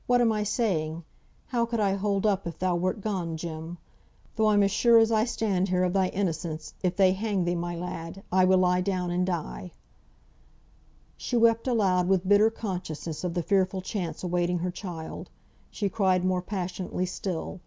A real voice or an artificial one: real